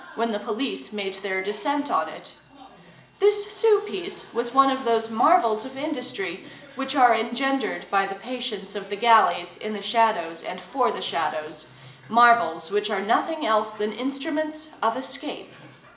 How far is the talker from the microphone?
1.8 m.